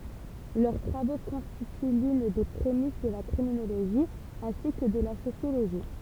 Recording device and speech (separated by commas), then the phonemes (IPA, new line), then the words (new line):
temple vibration pickup, read sentence
lœʁ tʁavo kɔ̃stity lyn de pʁemis də la kʁiminoloʒi ɛ̃si kə də la sosjoloʒi
Leurs travaux constituent l'une des prémices de la criminologie ainsi que de la sociologie.